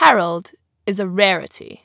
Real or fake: real